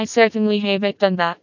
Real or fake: fake